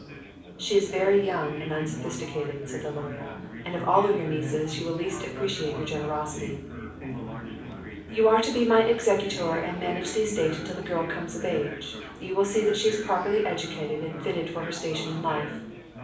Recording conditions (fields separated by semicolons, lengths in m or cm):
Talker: one person; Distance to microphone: 5.8 m; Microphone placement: far; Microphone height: 1.8 m; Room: medium-sized (5.7 m by 4.0 m); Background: babble